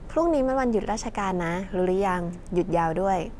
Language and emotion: Thai, neutral